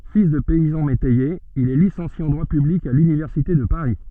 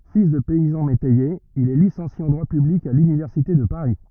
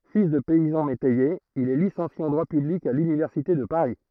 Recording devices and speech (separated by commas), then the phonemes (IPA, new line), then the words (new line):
soft in-ear microphone, rigid in-ear microphone, throat microphone, read sentence
fil də pɛizɑ̃ metɛjez il ɛ lisɑ̃sje ɑ̃ dʁwa pyblik a lynivɛʁsite də paʁi
Fils de paysans métayers, il est licencié en droit public à l'Université de Paris.